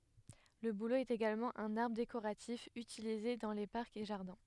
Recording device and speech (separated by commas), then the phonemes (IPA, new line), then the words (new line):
headset microphone, read sentence
lə bulo ɛt eɡalmɑ̃ œ̃n aʁbʁ dekoʁatif ytilize dɑ̃ le paʁkz e ʒaʁdɛ̃
Le bouleau est également un arbre décoratif utilisé dans les parcs et jardins.